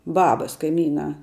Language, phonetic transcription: Lithuanian, ˈbabas kaiˈmynā

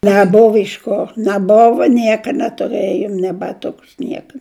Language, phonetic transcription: Lithuanian, næˈbova iš ˈko næˈbova ˈnieka netuˈrɘjom nė baˈtukus ˈnieka

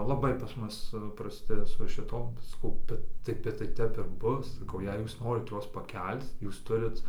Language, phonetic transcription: Lithuanian, laˈbai pas ˈmus praˈsti su šiˈtom saˈkau ˈbet tai bet tai ˈtep ir ˈbus saˈkau jei ˈjūs ˈnorit ˈjuos paˈkel'c ˈjūs ˈturit

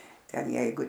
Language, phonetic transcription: Lithuanian, ˈten ˈjeigu

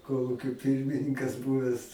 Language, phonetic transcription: Lithuanian, ˈkolūkio ˈpirmininkas ˈbūves

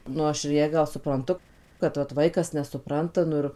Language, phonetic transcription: Lithuanian, ˈnu aš ir ˈją ˈgal supranˈtu kad vat ˈvaikas nesuˈpranta ˈnu ir

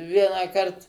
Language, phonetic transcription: Lithuanian, ˈvienąkart

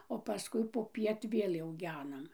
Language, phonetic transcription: Lithuanian, o paˈskui poˈpiet ˈvėl' jau ˈgenam

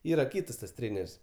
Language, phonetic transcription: Lithuanian, ˈyra ˈkytas tas ˈtrėner's'

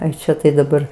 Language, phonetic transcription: Lithuanian, ˈai ˈčia tai daˈbar

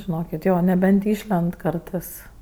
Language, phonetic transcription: Lithuanian, žiˈnokit ˈjo neˈbent ˈišlend ˈkartɜs

